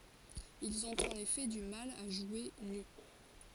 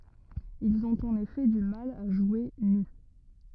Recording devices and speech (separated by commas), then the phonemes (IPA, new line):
forehead accelerometer, rigid in-ear microphone, read sentence
ilz ɔ̃t ɑ̃n efɛ dy mal a ʒwe ny